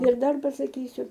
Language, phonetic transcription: Lithuanian, ir ˈdar pasaˈkysiu

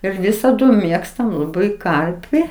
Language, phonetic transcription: Lithuanian, ir ˈvisadu ˈmėgstam laˈbai ˈkarpi

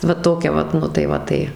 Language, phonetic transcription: Lithuanian, va ˈtokia ˈvat ˈnu tai ˈva tai

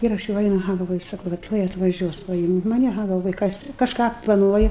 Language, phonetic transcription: Lithuanian, ˈir aš jau ˈainu aˈha galˈvoju ˈsaku va ˈtuoj atvaˈžiuos paˈimt' maˈni aˈha galˈvoju ˈkas kažˈką plaˈnuoju

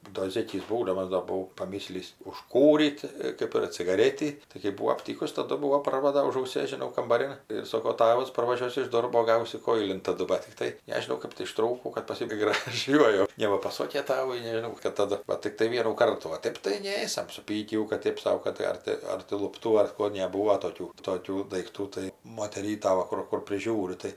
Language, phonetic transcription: Lithuanian, do ˈzėkys ˈbūdamas do buˈvau paˈmyslįs užˈkūryt ˈkɜp ir cigaˈrėtį tai kɜp ˈbūo apˈtykus taˈdu ˈbuvo ˈparvada už auˈsės žiˈnau kambaˈrin ir ˈsoko ˈtavas parvaˈžiuos iš ˈdorbo ˈgausi ˈkoilin taˈdu bat tikˈtai ˈnežinau kɜp tai išˈtrūkau kad paˈsibaigė graˈžiuoju ˈnėva paˈsokė ˈtavui nežiˈnau bat taˈdu ˈva tikˈtai ˈvienų o ˈtɜp tai ˈnėsam suˈpykį jau kad ˈtėp sau ˈkad tai ˈar tai ar tai lupˈtų ar ˈko neˈbūvo toˈkių toˈkių daikˈtų tai moteˈryta ˈva kur ˈkur priˈžiūri tai

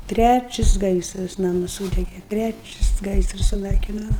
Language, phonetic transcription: Lithuanian, ˈtræčis ˈgaisras ˈnamus ˈsūdege ˈtræčis ˈgaisras suˈnaikino

